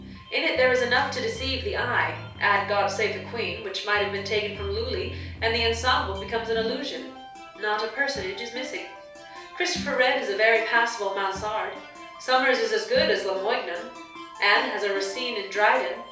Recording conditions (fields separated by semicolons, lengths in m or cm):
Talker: one person; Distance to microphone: 3.0 m; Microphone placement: far; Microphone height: 1.8 m; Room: small (3.7 m by 2.7 m); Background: music